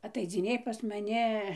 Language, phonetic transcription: Lithuanian, ataidziˈnėj pas maˈni

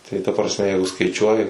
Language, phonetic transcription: Lithuanian, tai ta prasˈme ˈjeigu skaiˈčiuoji

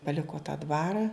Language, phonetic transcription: Lithuanian, paliko ta ˈdvara

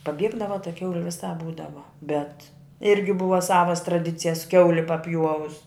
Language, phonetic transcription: Lithuanian, paˈbiegdava ta ˈkiauli viˈsāp ˈbūdava bet ˈirgi ˈbuva ˈsavas traˈdicijas ˈkiauli paˈpjuovus

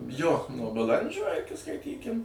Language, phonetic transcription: Lithuanian, jo nuo baˈlandžio iˈki skaiˈtykim

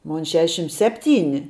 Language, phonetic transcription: Lithuanian, ˈmon ˈšešim ˈsepˌtyni

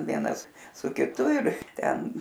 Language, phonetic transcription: Lithuanian, ˈvienas su kiˈtu ir ˈten

